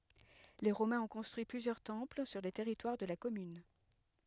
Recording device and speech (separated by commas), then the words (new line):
headset microphone, read sentence
Les Romains ont construit plusieurs temples sur le territoire de la commune.